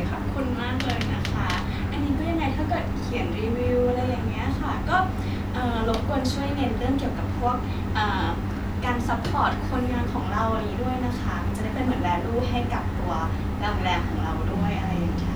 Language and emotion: Thai, happy